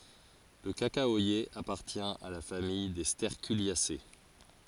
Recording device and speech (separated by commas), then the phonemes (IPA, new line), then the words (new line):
forehead accelerometer, read sentence
lə kakawaje apaʁtjɛ̃ a la famij de stɛʁkyljase
Le cacaoyer appartient à la famille des Sterculiacées.